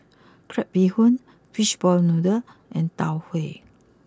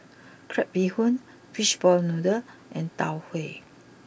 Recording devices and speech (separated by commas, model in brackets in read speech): close-talking microphone (WH20), boundary microphone (BM630), read sentence